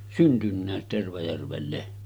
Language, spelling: Finnish, syntynytkin Tervajärvelle
- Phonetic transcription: 'syntynnä̀et Tervajärvelle .

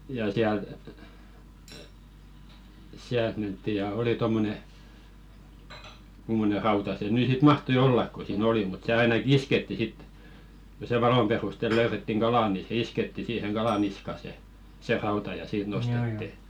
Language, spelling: Finnish, ja sieltä sieltä mentiin ja oli tuommoinen kummoinen rauta se nyt sitten mahtoi olla kun siinä oli mutta se ainakin iskettiin sitten kun se valon perustella löydettiin kala niin se iskettiin siihen kalan niskaan se se rauta ja siitä nostettiin
- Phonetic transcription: ja siält , 'siält mentti ja "oli 'tommone , kummone 'rauta se nỳ sit "mahtoⁱ 'ollak ko sii'n ‿oli mut 'se ainakⁱ "isketti sit , ᵏᵒ se 'valom perustel löyrettiŋ "ɢalà ni se "isketti siiheŋ 'ɢala 'niska se , se 'rauta ja 'siit nostetti .

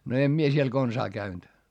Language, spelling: Finnish, no en minä siellä konsaan käynyt
- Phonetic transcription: no em mie siel konsaa käynD .

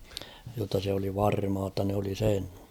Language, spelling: Finnish, jotta se oli varmaa jotta ne oli sen
- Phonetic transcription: jotta se oli 'varmaa ‿tta nᵉ ‿oli 'sen .

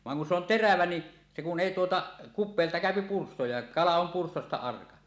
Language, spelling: Finnish, vaan kun se on terävä niin se kun ei tuota kupeelta käy pyrstö ja kala on pyrstöstä arka
- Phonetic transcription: 'vaŋ kun se ‿on "terävä ni , se kun '"èi 'tuota , 'kup̆peelta 'kä̀öpi "pursto ja "kala om 'purstosta 'arka .

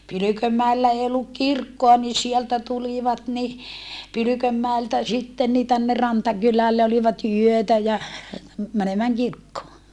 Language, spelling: Finnish, Pylkönmäellä ei ollut kirkkoa niin sieltä tulivat niin Pylkönmäeltä sitten niin tänne Rantakylälle olivat yötä ja menemään kirkkoon
- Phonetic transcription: Pylykömmäellä ee olluk kirkkoa ni sieltä tulivat ni , Pylykömmäeltä sitten ni tänner Rantakylälle olivat yötä ja , mänemääŋ kirkkoo .

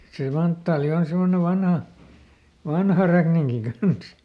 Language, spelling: Finnish, se manttaali on semmoinen vanha vanha räkninki kanssa
- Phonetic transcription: se ˈmanttaali on ˈsemmone ˈvanha , "vanha räkniŋki ˈkans .

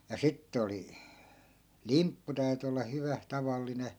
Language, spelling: Finnish, ja sitten oli limppu täytyi olla hyvä tavallinen
- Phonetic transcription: ja 'sittᵉ oli , "limppu täyty olla 'hyvä , 'tavalline .

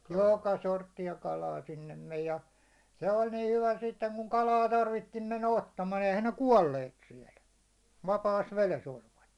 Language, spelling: Finnish, joka sorttia kalaa sinne meni ja se oli niin hyvä sitten kun kalaa tarvittiin niin mennä ottamaan eihän ne kuolleet siellä vapaassa vedessä olivat
- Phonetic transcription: jooka 'sortti₍a 'kalaa 'sinnem 'mej ja , se 'oĺ nii 'hyvä sitteŋ kuŋ 'kalaa 'tarvitti ɴɪ mennä 'ottamaa , ehän ne "kuålleet 'siɛl , 'vapaas 'veles 'oĺvat .

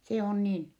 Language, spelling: Finnish, se on niin
- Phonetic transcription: se on niin .

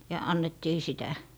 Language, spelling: Finnish, ja annettiin sitä
- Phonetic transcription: ja 'annettii 'sitä .

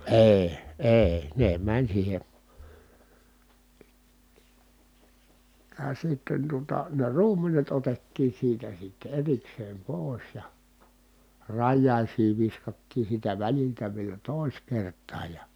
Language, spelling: Finnish, ei ei ne meni siihen ja sitten tuota ne ruumenet otettiin siitä sitten erikseen pois ja rajaisiin viskattiin siitä väliltä vielä toiseen kertaan ja
- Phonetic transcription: èi̮ , èi̮ , ne mäń siihe ,. ja sitten tuota , ne ruumenet otettiin̬ siitä sitte erikseem pòi̮s ja , rajjàisii viskattiin̬ siitä väliltä vielä tòis kert̆taaj ja ,.

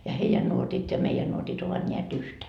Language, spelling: Finnish, ja heidän nuotit ja meidän nuotit ovat näet yhtä
- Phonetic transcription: ja 'heijän nuotit ja 'meijän nuotit ovat 'ńeä't ‿yhtä .

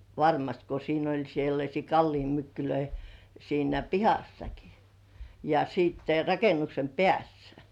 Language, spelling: Finnish, varmasti kun siinä oli sellaisia kallionmykkylöitä siinä pihassakin ja sitten rakennuksen päässä
- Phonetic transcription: varmast ko 'siin ‿oĺ sellaśii 'kallimmykkylöi , siinä "pihassaki , ja siitte 'raken̆§nuksem "pĕ§ässᴀ̈ .

